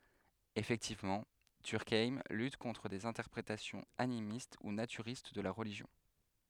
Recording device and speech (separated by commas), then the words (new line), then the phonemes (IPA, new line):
headset microphone, read sentence
Effectivement, Durkheim lutte contre des interprétations animistes ou naturistes de la religion.
efɛktivmɑ̃ dyʁkajm lyt kɔ̃tʁ dez ɛ̃tɛʁpʁetasjɔ̃z animist u natyʁist də la ʁəliʒjɔ̃